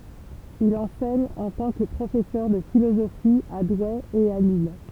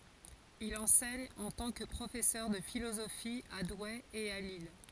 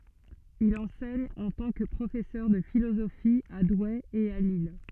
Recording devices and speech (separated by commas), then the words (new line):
temple vibration pickup, forehead accelerometer, soft in-ear microphone, read sentence
Il enseigne en tant que professeur de philosophie à Douai et à Lille.